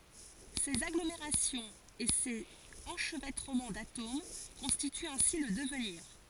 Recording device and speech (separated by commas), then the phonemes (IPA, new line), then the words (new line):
forehead accelerometer, read sentence
sez aɡlomeʁasjɔ̃z e sez ɑ̃ʃvɛtʁəmɑ̃ datom kɔ̃stityt ɛ̃si lə dəvniʁ
Ces agglomérations et ces enchevêtrements d’atomes constituent ainsi le devenir.